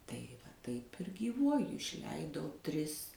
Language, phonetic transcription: Lithuanian, tai va ˈtaip ir gyˈvuoju išˈleidau ˈtris

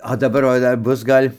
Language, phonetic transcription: Lithuanian, o daˈbar va ˈdar ˈbus ˈgal'

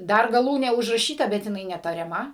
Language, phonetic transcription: Lithuanian, ˈdar gaˈlūnė užraˈšyta bet jiˈnai netariaˈma

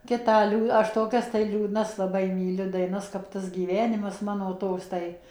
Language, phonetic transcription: Lithuanian, ˈkitą ˈliū ˈaš ˈtokias tai liūdˈnas laˈbai myˈliu daiˈnas kap ˈtas gyˈvenimas ˈmano ˈtoks ˈtai

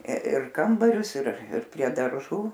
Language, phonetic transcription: Lithuanian, ir ˈkambarius ir ˈir prie darˈžų

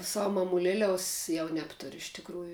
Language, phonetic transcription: Lithuanian, ˈsavu mamuˈleliaus ˈjau ˈnebturiu iš tikˈrųju

